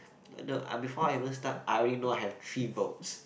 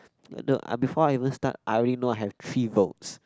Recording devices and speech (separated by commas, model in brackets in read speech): boundary microphone, close-talking microphone, conversation in the same room